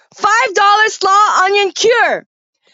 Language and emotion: English, neutral